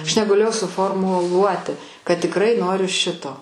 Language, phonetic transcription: Lithuanian, aš negaˈlėjau suˌforˌmuˈluoti kad tikˈrai ˈnoriu ˈšito

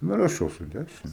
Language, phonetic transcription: Lithuanian, ˈnu raˈšau su ˈdæšine

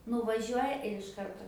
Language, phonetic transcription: Lithuanian, nuvaˈžiuoja ir iš ˈkarto

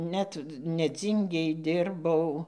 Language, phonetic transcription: Lithuanian, ˈnet neˈdzyngėj ˈdirbau

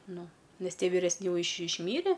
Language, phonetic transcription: Lithuanian, ˈnu ˈnes ˈtie viresˈni ˈjau iš išˈmyre

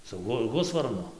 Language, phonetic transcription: Lithuanian, su ˈhu ˈhusvarnu

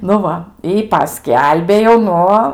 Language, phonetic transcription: Lithuanian, nu ˈva i paˈskelbė jau ˈnu

